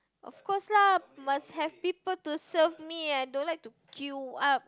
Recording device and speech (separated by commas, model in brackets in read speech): close-talking microphone, conversation in the same room